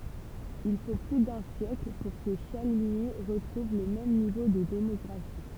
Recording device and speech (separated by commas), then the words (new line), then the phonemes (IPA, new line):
temple vibration pickup, read sentence
Il faut plus d'un siècle pour que Chaligny retrouve le même niveau de démographie.
il fo ply dœ̃ sjɛkl puʁ kə ʃaliɲi ʁətʁuv lə mɛm nivo də demɔɡʁafi